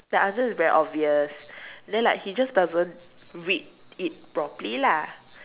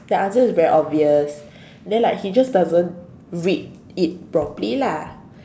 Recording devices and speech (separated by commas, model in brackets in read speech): telephone, standing microphone, conversation in separate rooms